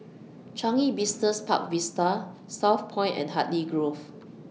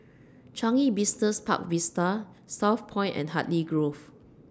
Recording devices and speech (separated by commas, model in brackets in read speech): mobile phone (iPhone 6), standing microphone (AKG C214), read sentence